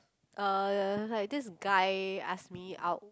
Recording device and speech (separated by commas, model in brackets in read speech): close-talking microphone, conversation in the same room